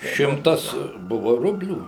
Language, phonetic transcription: Lithuanian, ˈšimtas ˈbuvo ˈrublių

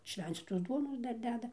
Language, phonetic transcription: Lithuanian, ˈšvencytos ˈduonos ˈdar ˈdeda

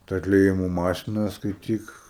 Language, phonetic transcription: Lithuanian, ta atlieˈjimo ˈmašina skaiˈtyk

